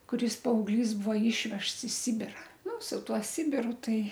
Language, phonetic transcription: Lithuanian, kuˈris paaugˈlys ˈbuo ˈyšvežts i ˈsibira ˈnu su ˈtuo ˈsibiru ˈtai

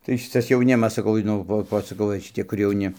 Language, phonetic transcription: Lithuanian, tai ˈšitas jauˈnimas saˈkau nu ˈvo ˈvo i šiˈti kur jauˈni

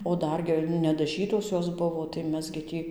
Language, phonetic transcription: Lithuanian, o ˈdar gi nedaˈžytos ˈjos ˈbuvo tai ˈmes gi ˈtį

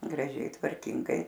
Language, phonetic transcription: Lithuanian, graˈžiai tvarˈkingai

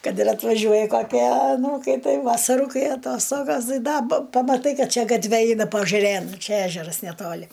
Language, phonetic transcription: Lithuanian, ˈkad ir atvaˈžiuoja kaˈkie aˈnūkai ˈtai vasaˈru ˈkai aˈtostogas ˈtai ˈda pamaˈtai ˈkad ˈčia gatˈve ˈeina paažaˈrėn ˈčia ˈežeras neˈtoli

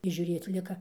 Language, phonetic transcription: Lithuanian, ir žiūˈrėc ˈlika

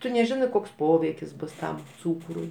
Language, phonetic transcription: Lithuanian, ˈtu neˈžinɜ ˈkoks ˈpoveikis ˈbus ˈtam ˈcūkrui

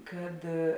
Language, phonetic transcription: Lithuanian, ˈkad

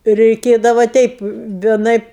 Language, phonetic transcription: Lithuanian, reiˈkėdava ˈteip vieˈnaip

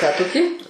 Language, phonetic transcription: Lithuanian, ką toˈkį

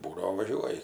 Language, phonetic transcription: Lithuanian, ˈbūdavo ˈvažiuoji

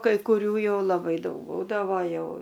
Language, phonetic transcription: Lithuanian, kai kuˈrių ˈjau laˈbai ˈdaug ˈbūdavo ˈjau

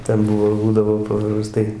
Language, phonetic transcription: Lithuanian, ˈten ˈbuvo ˈbūdavo papraˈstai

